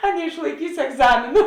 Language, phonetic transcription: Lithuanian, a neišlaiˈkysi egˈzamėnu

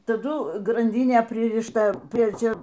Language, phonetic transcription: Lithuanian, taˈdu granˈdynė pririšˈta ˈprie ˈčia

